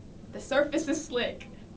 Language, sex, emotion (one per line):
English
female
fearful